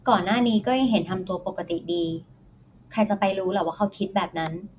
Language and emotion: Thai, neutral